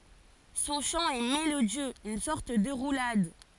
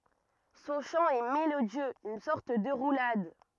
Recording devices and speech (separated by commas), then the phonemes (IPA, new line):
forehead accelerometer, rigid in-ear microphone, read sentence
sɔ̃ ʃɑ̃ ɛ melodjøz yn sɔʁt də ʁulad